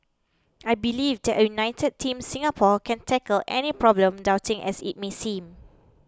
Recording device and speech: close-talking microphone (WH20), read sentence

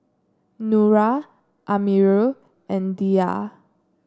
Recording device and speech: standing microphone (AKG C214), read sentence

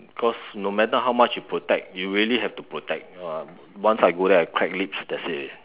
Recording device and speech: telephone, conversation in separate rooms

